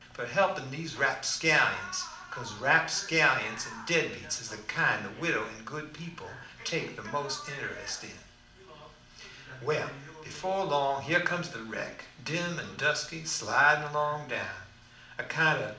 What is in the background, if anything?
A television.